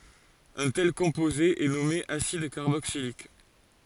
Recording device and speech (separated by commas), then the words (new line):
forehead accelerometer, read sentence
Un tel composé est nommé acide carboxylique.